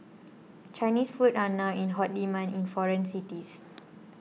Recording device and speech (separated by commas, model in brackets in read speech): mobile phone (iPhone 6), read sentence